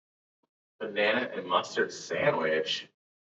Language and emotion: English, disgusted